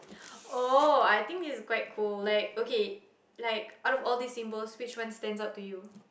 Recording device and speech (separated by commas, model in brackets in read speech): boundary microphone, conversation in the same room